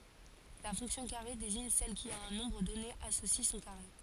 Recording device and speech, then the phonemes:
forehead accelerometer, read sentence
la fɔ̃ksjɔ̃ kaʁe deziɲ sɛl ki a œ̃ nɔ̃bʁ dɔne asosi sɔ̃ kaʁe

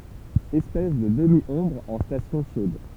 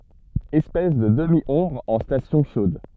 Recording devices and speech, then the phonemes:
temple vibration pickup, soft in-ear microphone, read sentence
ɛspɛs də dəmjɔ̃bʁ ɑ̃ stasjɔ̃ ʃod

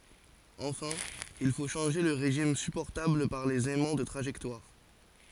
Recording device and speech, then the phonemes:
forehead accelerometer, read sentence
ɑ̃fɛ̃ il fo ʃɑ̃ʒe lə ʁeʒim sypɔʁtabl paʁ lez ɛmɑ̃ də tʁaʒɛktwaʁ

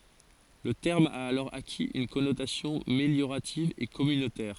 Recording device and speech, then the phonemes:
forehead accelerometer, read sentence
lə tɛʁm a alɔʁ akiz yn kɔnotasjɔ̃ meljoʁativ e kɔmynotɛʁ

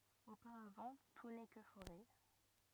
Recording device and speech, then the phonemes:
rigid in-ear microphone, read sentence
opaʁavɑ̃ tu nɛ kə foʁɛ

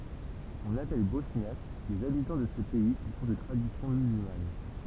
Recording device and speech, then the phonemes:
temple vibration pickup, read sentence
ɔ̃n apɛl bɔsnjak lez abitɑ̃ də sə pɛi ki sɔ̃ də tʁadisjɔ̃ myzylman

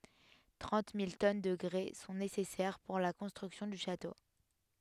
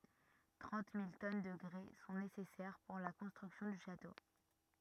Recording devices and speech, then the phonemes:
headset microphone, rigid in-ear microphone, read sentence
tʁɑ̃t mil tɔn də ɡʁɛ sɔ̃ nesɛsɛʁ puʁ la kɔ̃stʁyksjɔ̃ dy ʃato

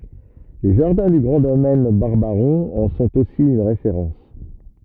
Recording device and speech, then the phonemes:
rigid in-ear microphone, read sentence
le ʒaʁdɛ̃ dy ɡʁɑ̃ domɛn baʁbaʁɔ̃ ɑ̃ sɔ̃t osi yn ʁefeʁɑ̃s

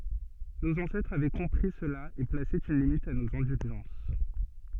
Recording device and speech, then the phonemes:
soft in-ear microphone, read sentence
noz ɑ̃sɛtʁz avɛ kɔ̃pʁi səla e plase yn limit a noz ɛ̃dylʒɑ̃s

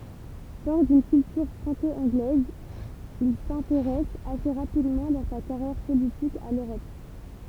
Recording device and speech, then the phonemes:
temple vibration pickup, read sentence
fɔʁ dyn kyltyʁ fʁɑ̃ko ɑ̃ɡlɛz il sɛ̃teʁɛs ase ʁapidmɑ̃ dɑ̃ sa kaʁjɛʁ politik a løʁɔp

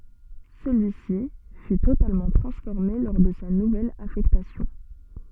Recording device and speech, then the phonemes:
soft in-ear microphone, read sentence
səlyisi fy totalmɑ̃ tʁɑ̃sfɔʁme lɔʁ də sa nuvɛl afɛktasjɔ̃

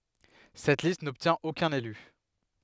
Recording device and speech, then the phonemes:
headset microphone, read sentence
sɛt list nɔbtjɛ̃t okœ̃n ely

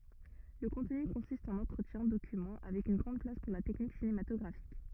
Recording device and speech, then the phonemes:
rigid in-ear microphone, read sentence
lə kɔ̃tny kɔ̃sist ɑ̃n ɑ̃tʁətjɛ̃ dokymɑ̃ avɛk yn ɡʁɑ̃d plas puʁ la tɛknik sinematɔɡʁafik

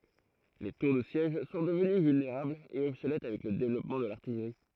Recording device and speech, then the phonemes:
throat microphone, read sentence
le tuʁ də sjɛʒ sɔ̃ dəvəny vylneʁablz e ɔbsolɛt avɛk lə devlɔpmɑ̃ də laʁtijʁi

